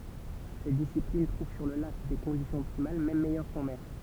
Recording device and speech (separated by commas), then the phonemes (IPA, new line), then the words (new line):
temple vibration pickup, read sentence
sɛt disiplin tʁuv syʁ lə lak de kɔ̃disjɔ̃z ɔptimal mɛm mɛjœʁ kɑ̃ mɛʁ
Cette discipline trouve sur le lac des conditions optimales même meilleures qu’en mer.